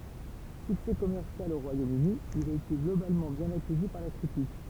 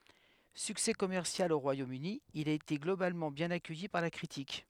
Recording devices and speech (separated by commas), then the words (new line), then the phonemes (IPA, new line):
temple vibration pickup, headset microphone, read sentence
Succès commercial au Royaume-Uni, il a été globalement bien accueilli par la critique.
syksɛ kɔmɛʁsjal o ʁwajomøni il a ete ɡlobalmɑ̃ bjɛ̃n akœji paʁ la kʁitik